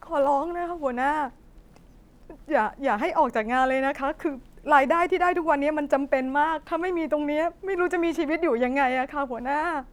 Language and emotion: Thai, sad